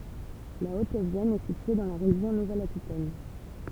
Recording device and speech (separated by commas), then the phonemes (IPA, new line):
temple vibration pickup, read sentence
la ot vjɛn ɛ sitye dɑ̃ la ʁeʒjɔ̃ nuvɛl akitɛn